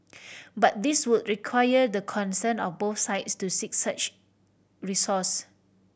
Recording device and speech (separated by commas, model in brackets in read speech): boundary microphone (BM630), read sentence